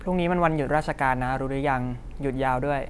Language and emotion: Thai, neutral